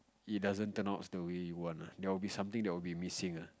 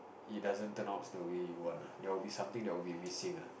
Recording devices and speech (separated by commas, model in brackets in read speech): close-talking microphone, boundary microphone, conversation in the same room